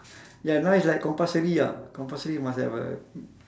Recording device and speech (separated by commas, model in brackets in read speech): standing microphone, conversation in separate rooms